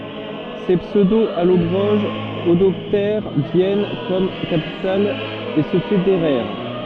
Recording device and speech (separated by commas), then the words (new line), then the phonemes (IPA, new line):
soft in-ear microphone, read sentence
Ces pseudo-Allobroges adoptèrent Vienne comme capitale et se fédérèrent.
se psødoalɔbʁoʒz adɔptɛʁ vjɛn kɔm kapital e sə fedeʁɛʁ